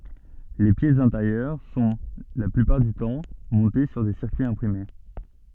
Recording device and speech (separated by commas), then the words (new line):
soft in-ear microphone, read sentence
Les pièces intérieures sont, la plupart du temps, montées sur des circuits imprimés.